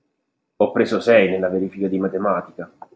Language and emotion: Italian, surprised